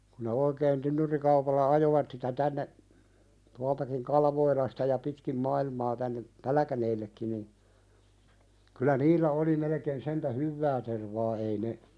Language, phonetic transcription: Finnish, ku ne oikeen 'tynnyrikaupalla "ajovat sitä 'tänne , tualtakiŋ "Kalvoilasta ja pitkim "mailmaa tänne , "Pälkäneellekkin nin , kylä 'niillä oli melekeen sentä "hyvvää tervaa ei ne ,.
- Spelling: kun ne oikein tynnyrikaupalla ajoivat sitä tänne tuoltakin Kalvoilasta ja pitkin maailmaa tänne Pälkäneellekin niin kyllä niillä oli melkein sentään hyvää tervaa ei ne

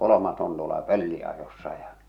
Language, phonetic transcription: Finnish, kolomas on tuola "pölli₍ajossa ja .
- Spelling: kolmas on tuolla pölliajossa ja

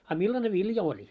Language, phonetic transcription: Finnish, a "millane "vilja oĺi .
- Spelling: a millainen vilja oli

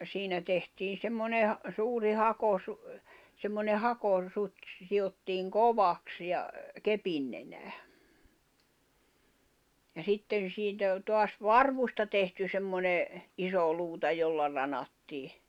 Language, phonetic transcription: Finnish, 'siinä tehtiin̬ 'semmone , 'suuri 'hakosu- , semmone 'hako- , 'sut́ se siʲottiiŋ "kovaks ja , 'kepin nenää , ja 'sitten̬ 'siitä , 'toas "varvusta tehty semmone , 'iso 'luuta 'jolla ranattii .
- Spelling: siinä tehtiin semmoinen suuri - semmoinen - hakosuti se sidottiin kovaksi ja kepin nenään ja sitten siitä taas varvusta tehty semmoinen iso luuta jolla ranattiin

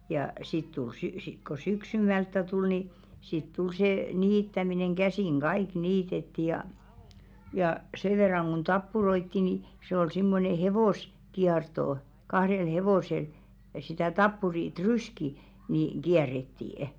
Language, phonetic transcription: Finnish, jà 'sit tul 'sy- , sik ko "syksym̀älttä 'tul ni , sit 'tul see , 'niittämineŋ 'ɢäsìŋ "ɢaìk 'niitetti jà , jà 'se verraŋ ɢun 'tappuroitti ni , 'se ‿ol simmone 'hevòs- , -'kiartò , kahrel 'hevòsel , ja sitä "tappuri "tryski , niᵑ , 'ɢiärrettii₍ᵊ .
- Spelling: ja sitten tuli - sitten kun syksymmältä tuli niin sitten tuli se niittäminen käsin kaikki niitettiin ja ja sen verran kuin tappuroi niin se oli semmoinen - hevoskierto kahdella hevosella ja sitä tappurin tryskiä niin kierrettiin

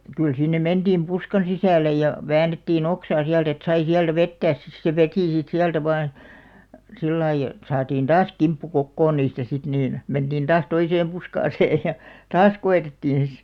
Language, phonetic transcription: Finnish, kyl sinne 'mentiim "puskan̬§ 'sisä̀le ja , 'väänettii"n ‿oksaa 'siält ‿et 'sai 'siältä "vettääs sis se "vetì sit 'siältä 'vaan , 'sillai , ᵉt 'saatiin "taas 'kimppu 'kokkoon "niistä sit niin , 'mentiin 'taas 'toiseem 'puskaaseej ja , "taas 'ko₍etettin̬§ si .
- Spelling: kyllä sinne mentiin puskan sisälle ja väännettiin oksaa sieltä että sai sieltä vetää sitten se veti sitten sieltä vain sillä lailla että saatiin taas kimppu kokoon niistä sitten niin mentiin taas toiseen puskaan ja taas koetettiin sitten

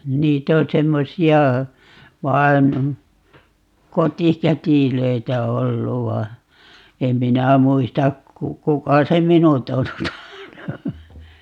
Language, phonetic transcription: Finnish, 'niit ‿o 'semmosi₍a , 'vaen , "kotikätilöitä 'ollu va , 'em 'minä 'muistak ku- , 'kuka se "minut on (tuota) ,.
- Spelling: niitä on semmoisia vain kotikätilöitä ollut vaan en minä muista - kuka se minut on tuota

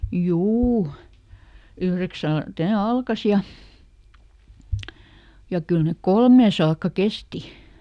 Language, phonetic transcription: Finnish, "juu , ˈyhreksält ne "alkas ja , ja ˈkyl nek "kolmee saakka ˈkesti .
- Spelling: juu yhdeksältä ne alkoi ja ja kyllä ne kolmeen saakka kesti

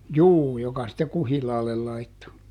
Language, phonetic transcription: Finnish, "juu joka sitte "kuhilaallel ˈlaitto .
- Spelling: juu joka sitten kuhilaalle laittoi

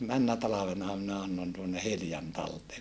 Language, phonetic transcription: Finnish, männä talavena minä annon tuonne Hiljan taltee .
- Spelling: menneenä talvena minä annoin tuonne Hiljan talteen

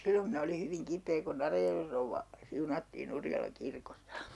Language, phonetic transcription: Finnish, 'sillom minä oli 'hyviŋ 'kip̀ee ku'n ‿Arajärvej rouvva , 'siunattii'n ‿Urjalaŋ 'kirkossA .
- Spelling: silloin minä oli hyvin kipeä kun Arajärven rouva siunattiin Urjalan kirkossa

